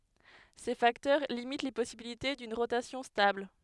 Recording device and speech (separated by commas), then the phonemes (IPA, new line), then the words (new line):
headset microphone, read sentence
se faktœʁ limit le pɔsibilite dyn ʁotasjɔ̃ stabl
Ces facteurs limitent les possibilités d'une rotation stable.